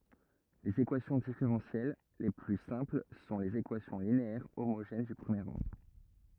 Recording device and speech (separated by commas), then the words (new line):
rigid in-ear microphone, read sentence
Les équations différentielles les plus simples sont les équations linéaires homogènes du premier ordre.